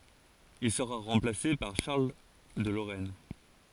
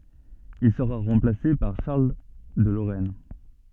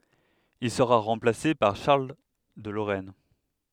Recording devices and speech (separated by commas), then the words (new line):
forehead accelerometer, soft in-ear microphone, headset microphone, read sentence
Il sera remplacé par Charles de Lorraine.